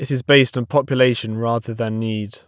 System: none